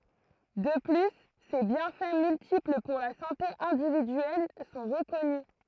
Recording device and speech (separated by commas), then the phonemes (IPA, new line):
throat microphone, read sentence
də ply se bjɛ̃fɛ myltipl puʁ la sɑ̃te ɛ̃dividyɛl sɔ̃ ʁəkɔny